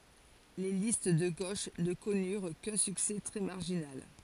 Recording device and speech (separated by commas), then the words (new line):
forehead accelerometer, read sentence
Les listes de gauche ne connurent qu'un succès très marginal.